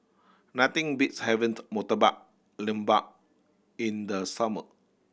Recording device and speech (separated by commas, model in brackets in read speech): boundary microphone (BM630), read sentence